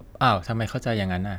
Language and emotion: Thai, neutral